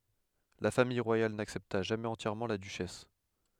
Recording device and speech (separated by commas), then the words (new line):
headset microphone, read sentence
La famille royale n'accepta jamais entièrement la duchesse.